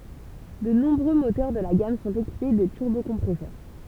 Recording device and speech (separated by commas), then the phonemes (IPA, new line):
temple vibration pickup, read sentence
də nɔ̃bʁø motœʁ də la ɡam sɔ̃t ekipe də tyʁbokɔ̃pʁɛsœʁ